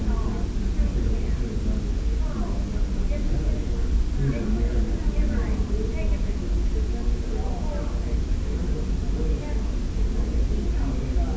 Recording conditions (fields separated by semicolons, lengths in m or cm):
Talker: no one; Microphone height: 2.5 m; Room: large; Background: babble